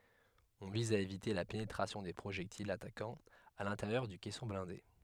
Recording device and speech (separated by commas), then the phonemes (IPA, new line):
headset microphone, read sentence
ɔ̃ viz a evite la penetʁasjɔ̃ de pʁoʒɛktilz atakɑ̃z a lɛ̃teʁjœʁ dy kɛsɔ̃ blɛ̃de